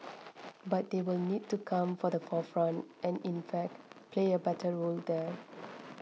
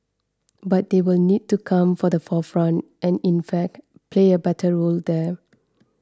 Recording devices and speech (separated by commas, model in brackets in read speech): mobile phone (iPhone 6), standing microphone (AKG C214), read sentence